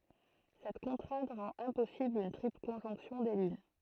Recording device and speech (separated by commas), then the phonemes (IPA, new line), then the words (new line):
throat microphone, read sentence
sɛt kɔ̃tʁɛ̃t ʁɑ̃t ɛ̃pɔsibl yn tʁipl kɔ̃ʒɔ̃ksjɔ̃ de lyn
Cette contrainte rend impossible une triple conjonction des lunes.